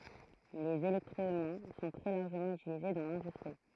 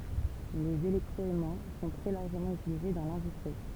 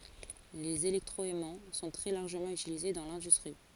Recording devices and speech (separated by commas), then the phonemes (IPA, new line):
throat microphone, temple vibration pickup, forehead accelerometer, read sentence
lez elɛktʁɔɛmɑ̃ sɔ̃ tʁɛ laʁʒəmɑ̃ ytilize dɑ̃ lɛ̃dystʁi